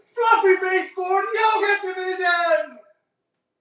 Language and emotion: English, happy